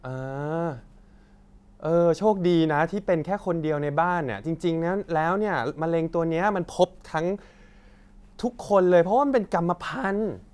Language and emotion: Thai, frustrated